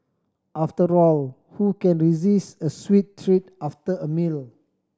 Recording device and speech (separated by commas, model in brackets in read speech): standing microphone (AKG C214), read sentence